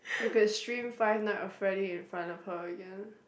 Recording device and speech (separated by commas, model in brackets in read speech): boundary microphone, conversation in the same room